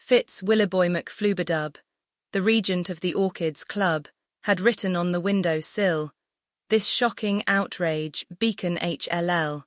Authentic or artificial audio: artificial